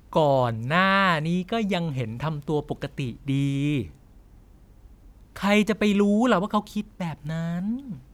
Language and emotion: Thai, frustrated